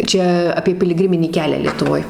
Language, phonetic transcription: Lithuanian, ˈčia apie piliˈgriminį ˈkelią lietuˈvoj

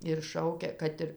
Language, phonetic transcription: Lithuanian, ir ˈšaukia ˈkad ir

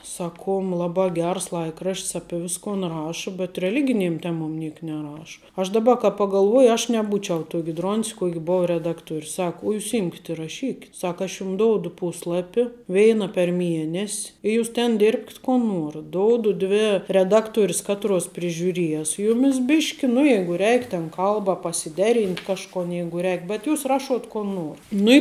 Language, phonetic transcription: Lithuanian, ˈsaˌkuom ˈlabā ˈgers ˈlaikraš't's ˈapie ˈviskon ˈraša bet reˈliginėm ˈtemom ˈniek neˈraša aš ˈdaˌba ka pagalˈvuoji aš neˈbūčiau ˈtuoki ˈdron's ˈkuok' ˈbou reˈdaktuor' ˈsaku o ˈjūs ˈimkit ir raˈšykit ˈsaka aš ˈjum ˈdoudu ˈpuslapi ˈveina per ˈmienes' i ˈjūs ten ˈdirbkit ko ˈnuorat ˈdoudu ˈdvi reˈdakˌtuoris ˈkatˌruos prižiuˈries ˈjumis ˈbiški nu ˈjeigu ˈreik ten ˈkalba pasiˈdeˌrynt' ˈkažkon ˈjeigu ˈreik bet ˈjūs ˈraˌšuot ˈko ˈnuor ˈnu i

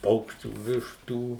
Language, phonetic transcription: Lithuanian, ˈpaukščių ˈvištų

